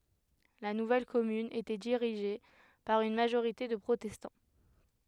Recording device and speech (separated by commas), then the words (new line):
headset microphone, read sentence
La nouvelle commune était dirigée par une majorité de protestants.